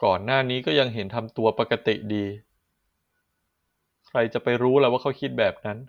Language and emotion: Thai, frustrated